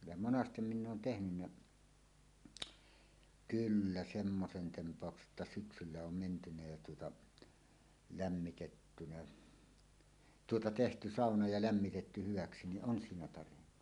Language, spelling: Finnish, ja monesti minä olen tehnyt kyllä semmoisen tempauksen että syksyllä on menty ja tuota lämmitetty tuota tehty sauna ja lämmitetty hyväksi niin on siinä tarjennut
- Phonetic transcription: ja "monastem 'minn ‿oon 'tehnynnä , "kyllä 'semmosen temp̀àokse ˀəttä 'syksyllä om mentynä jä tuota , 'lämmitettynä , "tuota "tehty "sàona ja 'lämmitetty 'hyvaksi niˀ "ˀon 'siinä tarennu .

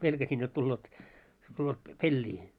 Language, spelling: Finnish, pelkäsin jotta tulevat tulevat - peliin
- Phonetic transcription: 'pelkäsin jot 'tulleet , tulleet p- "pellii .

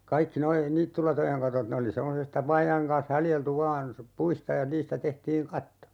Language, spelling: Finnish, kaikki nuo niittylatojen katot ne oli semmoisesta vaajojen kanssa haljeltu vain puista ja niistä tehtiin katto
- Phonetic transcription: 'kaikki 'noi , "niittylatojeŋ 'katot ne oli 'semmosesta 'vaaja₍eŋ kaan̬s 'haljeltu "vaan , 'puista ja 'niistä 'tehtiiŋ "katto .

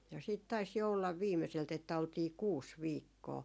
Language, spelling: Finnish, ja sitten taisi jo olla viimeiseltä että oltiin kuusi viikkoa
- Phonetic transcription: ja siit 'tais jo ollav 'viimeselt ‿että oltii "kuus 'viikkoo .

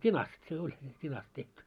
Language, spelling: Finnish, tinasta se oli tinasta tehty
- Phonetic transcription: t́inast se oĺ 't́inast tehty .

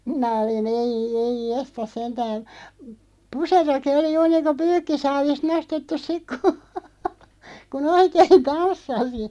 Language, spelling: Finnish, minä olin ei ei jestas sentään puserokin oli juuri niin kuin pyykkisaavista nostettu sitten kun kun oikein tanssi
- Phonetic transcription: 'minä oli'n ‿ei , 'eij "jestas 'sentään̬ , "puseroki 'oli 'juur 'niiŋko "pyykkisaavist 'nostettus 'sik ku , ku"n ‿oikeeⁱn 'tanssasi .

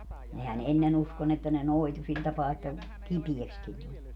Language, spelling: Finnish, nehän ennen uskoi niin että ne noitui sillä tapaa että kipeäksikin tuli
- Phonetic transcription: 'nehän "ennen ‿usko ni että ne "noitu sil tapaa että , "kipiekskin tuĺ .

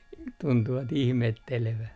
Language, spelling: Finnish, tuntuivat ihmettelevän
- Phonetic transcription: tuntuva't ‿ihmettelevä .

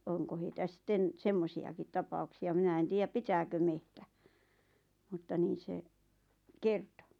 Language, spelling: Finnish, onko heitä sitten semmoisiakin tapauksia minä en tiedä pitääkö metsä mutta niin se kertoi
- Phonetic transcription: 'oŋko heitä 'sⁱtten , "semmosi₍akit 'tapauksi₍a minä 'en 'tiijäp "pitääkö mehtä , mutta 'niin̬ se , "kerto .

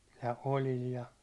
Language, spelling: Finnish, ja oljilla ja
- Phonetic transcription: ja "ol̜il ja ,.

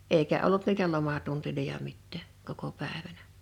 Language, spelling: Finnish, eikä ollut niitä lomatunteja mitään koko päivänä
- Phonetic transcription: 'eikä ollut niitä 'lomatuntiloja 'mittä̀ , koko 'pä̀evänä .

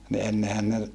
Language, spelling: Finnish, niin ennenhän ne
- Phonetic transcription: ni ennehän ne ,.

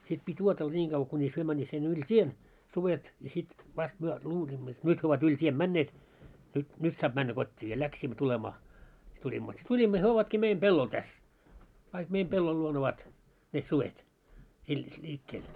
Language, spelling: Finnish, sitten piti odotella niin kauan kunis he menivät sinne yli tien sudet ja sitten vasta me luulimme jotta nyt he ovat yli tien menneet nyt nyt saa mennä kotiin ja lähdimme tulemaan sitten tulimme sitten tulimme ja he ovatkin meidän pellolla tässä kaikki meidän pellon luona ovat ne sudet - liikkeellä
- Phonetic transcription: sit pit́ 'uotella 'ńiiŋ ɢavᵛᵃ kuńis 'hyö männiit sinne yl "t́ien , 'suvet , ja sit , 'vast 'myö , 'luuliimmo jot 'nyt hyö ovat 'yĺ t́ien "männeet , nyt , 'nyt saap männä 'kot́t́ii ja 'läksiimmä 'tulemaa , si tuĺimmo si 'tuĺimmo ja hyö 'ovatkii 'meim "pellol täs , kaik 'meim 'pellol luon ‿ovat , ne 'suvet , il- , 'ĺiikkeel .

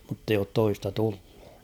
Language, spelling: Finnish, mutta ei ole toista tullut
- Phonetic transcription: mutt ‿eij ‿oot "toista 'tulʟᴜ .

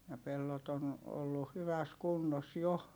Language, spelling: Finnish, ja pellot on ollut hyvässä kunnossa jo
- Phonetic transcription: ja pellot ‿on , ollu hyväs kunnos jo .

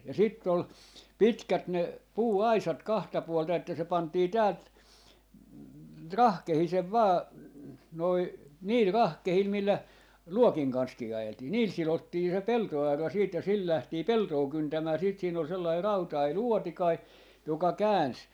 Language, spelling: Finnish, ja sitten oli pitkät ne puuaisat kahta puolta että se pantiin täältä rahkeisen vain noin niillä rahkeilla millä luokin kanssakin ajeltiin niillä sidottiin se peltoaura sitten ja sillä lähdettiin peltoa kyntämään sitten siinä oli sellainen rautainen luotikainen joka käänsi
- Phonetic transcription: ja 'sitt ‿ol , 'pitkät ne , 'puu₍"aisat 'kahta puolta että se 'pantii 'täält , "rahkehisev 'vaa , noi , 'niil 'rahkehil 'millä , "luokiŋ 'kanskii 'ajeltii , "niil 'silottii se "pelto₍arra siit ja 'sil 'lähtii "peltoo 'kyntämää siit siin ‿ol sellai "rautai "luotikai , joka "kääns .

